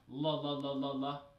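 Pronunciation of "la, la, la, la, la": Each 'la' is said with the ordinary English L, not a soft L.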